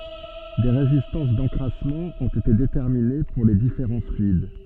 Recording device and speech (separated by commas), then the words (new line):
soft in-ear microphone, read sentence
Des résistances d'encrassement ont été déterminées pour les différents fluides.